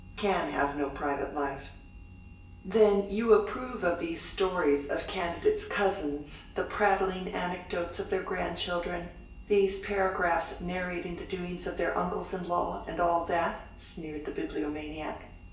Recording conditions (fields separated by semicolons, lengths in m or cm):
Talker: one person; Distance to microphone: 1.8 m; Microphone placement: close; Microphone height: 1.0 m; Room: large; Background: none